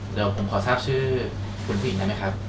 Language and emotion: Thai, neutral